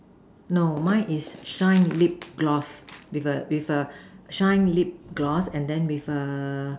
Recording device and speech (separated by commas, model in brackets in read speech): standing microphone, conversation in separate rooms